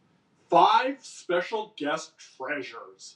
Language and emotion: English, disgusted